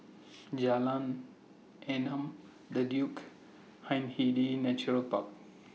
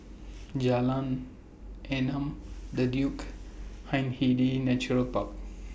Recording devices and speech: mobile phone (iPhone 6), boundary microphone (BM630), read sentence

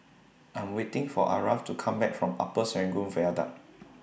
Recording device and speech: boundary microphone (BM630), read sentence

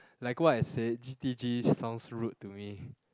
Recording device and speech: close-talking microphone, conversation in the same room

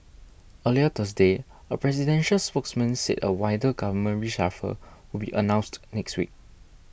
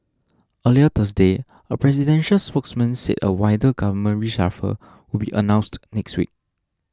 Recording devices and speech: boundary microphone (BM630), standing microphone (AKG C214), read sentence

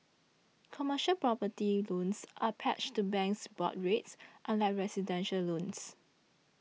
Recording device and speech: mobile phone (iPhone 6), read sentence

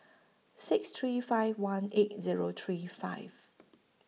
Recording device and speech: mobile phone (iPhone 6), read sentence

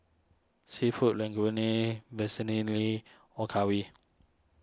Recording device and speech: standing microphone (AKG C214), read sentence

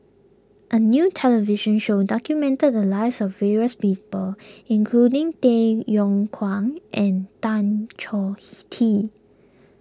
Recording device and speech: close-talking microphone (WH20), read sentence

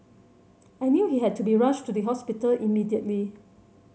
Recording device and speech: mobile phone (Samsung C7100), read sentence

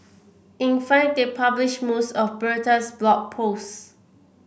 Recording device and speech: boundary microphone (BM630), read sentence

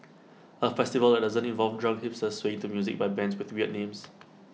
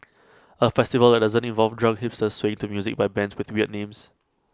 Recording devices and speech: mobile phone (iPhone 6), close-talking microphone (WH20), read sentence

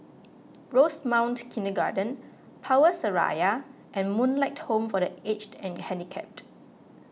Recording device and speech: mobile phone (iPhone 6), read sentence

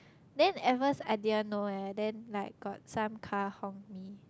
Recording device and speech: close-talking microphone, conversation in the same room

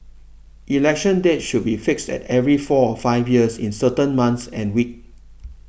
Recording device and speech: boundary microphone (BM630), read sentence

